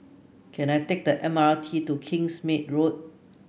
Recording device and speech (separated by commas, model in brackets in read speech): boundary microphone (BM630), read sentence